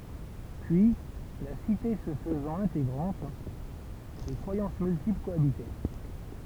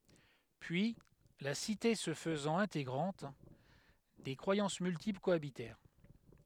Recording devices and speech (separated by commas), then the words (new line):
temple vibration pickup, headset microphone, read sentence
Puis, la cité se faisant intégrante, des croyances multiples cohabitèrent.